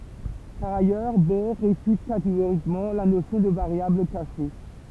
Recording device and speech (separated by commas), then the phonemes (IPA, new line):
temple vibration pickup, read sentence
paʁ ajœʁ bɔʁ ʁefyt kateɡoʁikmɑ̃ la nosjɔ̃ də vaʁjabl kaʃe